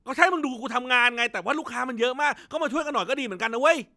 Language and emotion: Thai, frustrated